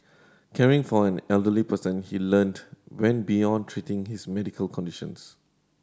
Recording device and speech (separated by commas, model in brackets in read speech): standing microphone (AKG C214), read sentence